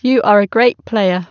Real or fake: real